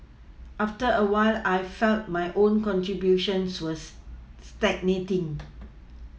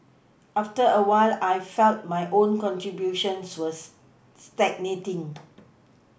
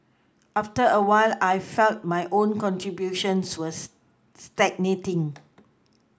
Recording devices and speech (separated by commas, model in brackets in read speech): mobile phone (iPhone 6), boundary microphone (BM630), close-talking microphone (WH20), read sentence